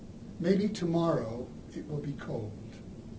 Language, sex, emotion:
English
male
neutral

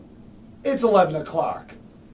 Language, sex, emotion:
English
male
neutral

